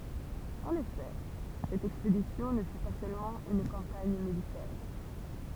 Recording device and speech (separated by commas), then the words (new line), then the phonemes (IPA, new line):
temple vibration pickup, read sentence
En effet, cette expédition ne fut pas seulement une campagne militaire.
ɑ̃n efɛ sɛt ɛkspedisjɔ̃ nə fy pa sølmɑ̃ yn kɑ̃paɲ militɛʁ